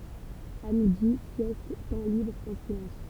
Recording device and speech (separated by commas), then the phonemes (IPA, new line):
temple vibration pickup, read sentence
a midi sjɛst tɑ̃ libʁ ɑ̃ silɑ̃s